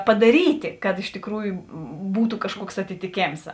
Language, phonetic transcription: Lithuanian, padaˈryti kad iš tikˈrųju būtu kažˈkuoks atitiˈkėms

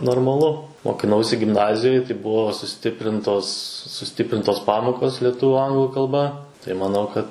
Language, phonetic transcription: Lithuanian, normaˈlu mokiˈnausi gimˈnazijoj tai ˈbuvo suˈstiprintos suˈstiprintos ˈpamokos lieˈtuvu ˈanglu kalˈba tai maˈnau kad

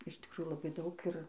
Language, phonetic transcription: Lithuanian, iš tikˈrųjų laˈbai ˈdaug ir

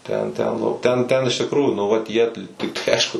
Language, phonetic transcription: Lithuanian, ˈten ˈten ˈnu ˈten ˈten iš tikˈrųjų nu ˈvat jie t tai ˈaišku

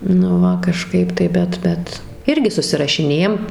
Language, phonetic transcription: Lithuanian, nu ˈva kaˈžkaip tai ˈbet ˈbet ˈirgi susirašiˈnėjam

